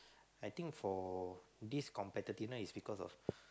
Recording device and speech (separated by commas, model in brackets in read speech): close-talking microphone, conversation in the same room